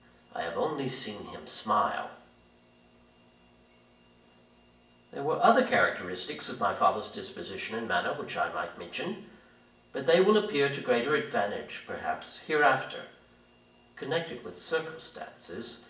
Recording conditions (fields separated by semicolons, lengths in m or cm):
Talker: one person; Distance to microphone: 1.8 m; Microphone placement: close; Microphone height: 1.0 m; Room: large; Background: none